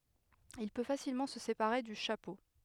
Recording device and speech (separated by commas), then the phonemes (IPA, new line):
headset microphone, read sentence
il pø fasilmɑ̃ sə sepaʁe dy ʃapo